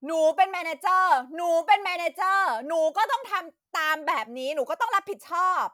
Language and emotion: Thai, angry